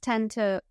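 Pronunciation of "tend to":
In 'tend to', the d at the end of 'tend' is an unreleased D.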